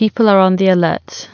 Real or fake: real